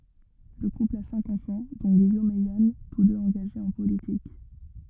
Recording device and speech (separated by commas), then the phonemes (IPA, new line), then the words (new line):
rigid in-ear microphone, read sentence
lə kupl a sɛ̃k ɑ̃fɑ̃ dɔ̃ ɡijom e jan tus døz ɑ̃ɡaʒez ɑ̃ politik
Le couple a cinq enfants, dont Guillaume et Yann, tous deux engagés en politique.